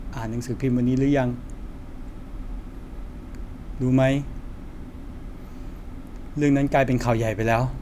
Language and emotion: Thai, frustrated